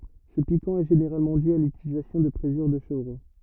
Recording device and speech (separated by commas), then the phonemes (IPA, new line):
rigid in-ear microphone, read sentence
sə pikɑ̃ ɛ ʒeneʁalmɑ̃ dy a lytilizasjɔ̃ də pʁezyʁ də ʃəvʁo